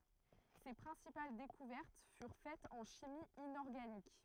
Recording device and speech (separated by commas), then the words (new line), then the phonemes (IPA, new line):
throat microphone, read sentence
Ses principales découvertes furent faites en chimie inorganique.
se pʁɛ̃sipal dekuvɛʁt fyʁ fɛtz ɑ̃ ʃimi inɔʁɡanik